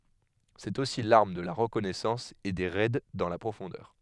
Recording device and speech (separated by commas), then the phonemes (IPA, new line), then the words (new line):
headset microphone, read sentence
sɛt osi laʁm də la ʁəkɔnɛsɑ̃s e de ʁɛd dɑ̃ la pʁofɔ̃dœʁ
C'est aussi l'arme de la reconnaissance et des raids dans la profondeur.